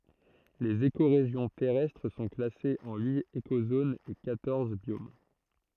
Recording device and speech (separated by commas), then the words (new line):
throat microphone, read sentence
Les écorégions terrestres sont classées en huit écozones et quatorze biomes.